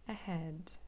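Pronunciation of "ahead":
In 'ahead', the h is softer and more breathy than a normal h, and it almost has the quality of a vowel.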